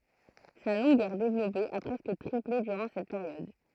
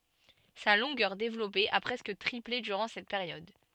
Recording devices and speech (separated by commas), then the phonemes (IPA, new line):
throat microphone, soft in-ear microphone, read sentence
sa lɔ̃ɡœʁ devlɔpe a pʁɛskə tʁiple dyʁɑ̃ sɛt peʁjɔd